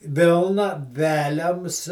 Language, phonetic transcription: Lithuanian, ˈvilna ˈveliams

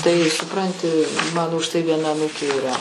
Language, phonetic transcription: Lithuanian, tai suˈpranti ˈmano už tai vieˈna aˈnūkė yˈra

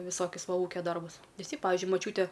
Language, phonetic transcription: Lithuanian, viˈsokius ˈva ˈūkia ˈdarbus viˈsi ˈpavižiui maˈčiūte

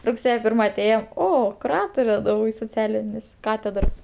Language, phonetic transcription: Lithuanian, rugˈsėje ˈpirma aˈtėjom ˈo kuˈratore soˈcialinis ˈkatedros

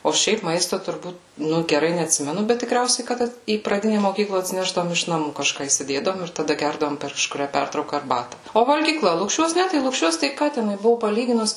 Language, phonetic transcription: Lithuanian, o ˈšiaip ˈmaisto turˈbūt ˈnu geˈrai neatˈsimenu bet tiˈkriausiai ˈkad į praˈdine moˈkykla atsiˈnešdavom iš naˈmų kaˈžką įsiˈdėdavom ir taˈda ˈgerdavom per kažkuˈrią ˈpertrauka arˈbata o valgyˈkla lukˈšiuos ˈne tai lukˈšiuos tai ˈką teˈnui ˈbuvo paˈlyginus

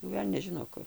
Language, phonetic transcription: Lithuanian, jau ˈvelnias ˈžino ˈkur

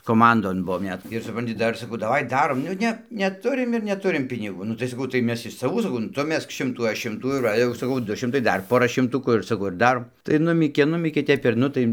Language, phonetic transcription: Lithuanian, koˈmandon ˈbuvom ˈnet ir suˈpranti ˈdar saˈkau daˈvai ˈdarom ˈnu ne neˈturim ir neˈturim piniˈgų ˈnu tai saˈkau tai ˈmes iš saˈvų saˈkau nu ˈtu ˈmesk ˈšimtų ˈaš ˈšimtų ir ˈva jau saˈkau ˈdu ˈšimtai ˈdar ˈpora šimˈtukų ir saˈkau ir ˈdarom tai ˈnumykė ˈnumykė ˈtep ir ˈnu tai

